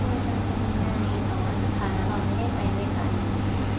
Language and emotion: Thai, frustrated